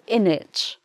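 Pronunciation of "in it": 'Isn't it' is shortened here and said as 'in it'.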